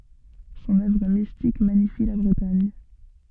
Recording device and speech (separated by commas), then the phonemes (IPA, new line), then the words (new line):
soft in-ear microphone, read sentence
sɔ̃n œvʁ mistik maɲifi la bʁətaɲ
Son œuvre mystique magnifie la Bretagne.